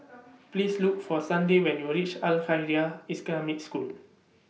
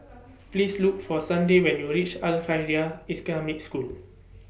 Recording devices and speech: mobile phone (iPhone 6), boundary microphone (BM630), read sentence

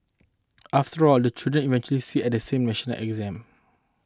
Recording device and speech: close-talking microphone (WH20), read sentence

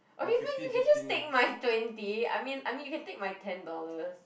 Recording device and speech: boundary microphone, conversation in the same room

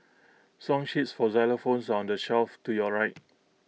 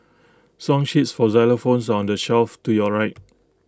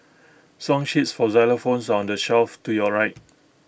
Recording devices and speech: mobile phone (iPhone 6), close-talking microphone (WH20), boundary microphone (BM630), read sentence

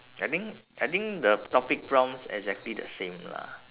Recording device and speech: telephone, conversation in separate rooms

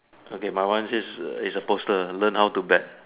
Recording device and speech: telephone, conversation in separate rooms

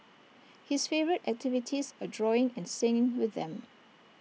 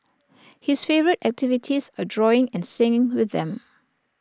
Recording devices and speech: mobile phone (iPhone 6), standing microphone (AKG C214), read sentence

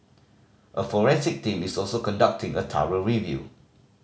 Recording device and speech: mobile phone (Samsung C5010), read sentence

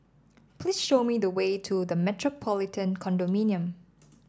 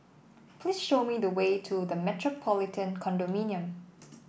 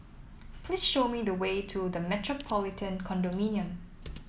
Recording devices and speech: standing microphone (AKG C214), boundary microphone (BM630), mobile phone (iPhone 7), read sentence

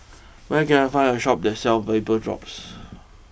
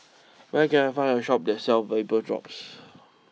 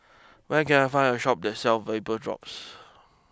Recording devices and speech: boundary microphone (BM630), mobile phone (iPhone 6), close-talking microphone (WH20), read sentence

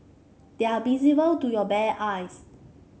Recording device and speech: mobile phone (Samsung C5), read sentence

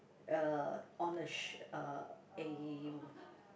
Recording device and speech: boundary microphone, conversation in the same room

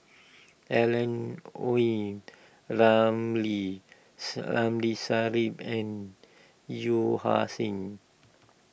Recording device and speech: boundary microphone (BM630), read sentence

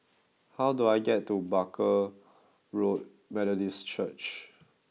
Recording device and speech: mobile phone (iPhone 6), read sentence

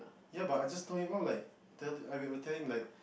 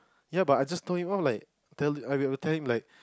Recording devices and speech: boundary microphone, close-talking microphone, conversation in the same room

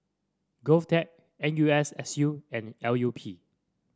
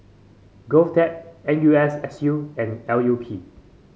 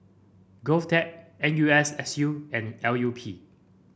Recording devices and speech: standing microphone (AKG C214), mobile phone (Samsung C5), boundary microphone (BM630), read sentence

